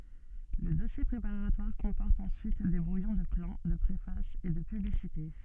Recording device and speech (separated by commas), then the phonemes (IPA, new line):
soft in-ear microphone, read sentence
lə dɔsje pʁepaʁatwaʁ kɔ̃pɔʁt ɑ̃syit de bʁujɔ̃ də plɑ̃ də pʁefas e də pyblisite